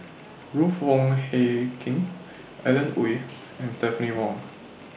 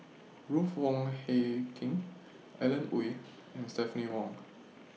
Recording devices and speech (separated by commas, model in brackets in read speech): boundary microphone (BM630), mobile phone (iPhone 6), read sentence